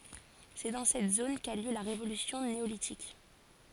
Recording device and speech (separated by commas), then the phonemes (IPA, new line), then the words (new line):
forehead accelerometer, read sentence
sɛ dɑ̃ sɛt zon ka y ljø la ʁevolysjɔ̃ neolitik
C'est dans cette zone qu'a eu lieu la révolution néolithique.